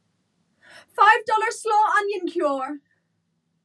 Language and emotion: English, fearful